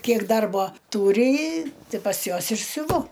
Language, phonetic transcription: Lithuanian, ˈkiek ˈdarbo ˈtūri i ˈti pas ˈjuos ir siuˈvu

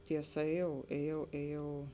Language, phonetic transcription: Lithuanian, tieˈsa ėˈjau ėˈjau ėˈjau

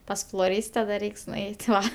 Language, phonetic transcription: Lithuanian, ˈpas floˈryste da ˈreiks nuˈeit' ˈva

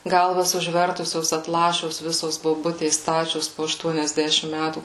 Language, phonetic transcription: Lithuanian, ˈgalvas užˈvertusios atˈlašios ˈvisos boˈbutės ˈstačios po ašˈtuoniasˌdešim ˈmætų

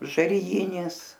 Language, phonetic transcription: Lithuanian, žariˈjinis

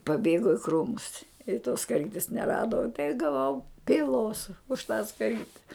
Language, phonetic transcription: Lithuanian, paˈbėgo i ˈkrūmus i tos skaˈrytis neˈrado i gaˈvau pyˈlos už tą skaˈryte

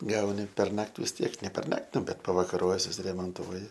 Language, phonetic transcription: Lithuanian, ˈgauni perˈnak't' vis ˈtiek ne perˈnak't' ˈbet pavakaˈrojes susiremonˈtuoji

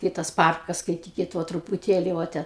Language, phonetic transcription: Lithuanian, ˈkai tas ˈparkas skaiˈtykit ˈvo trupuˈtėli vo ˈten

